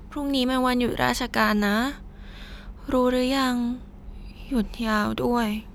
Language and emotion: Thai, frustrated